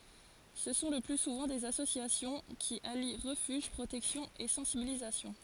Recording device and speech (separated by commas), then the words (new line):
forehead accelerometer, read sentence
Ce sont le plus souvent des associations, qui allient refuge, protection et sensibilisation.